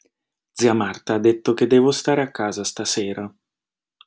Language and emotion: Italian, sad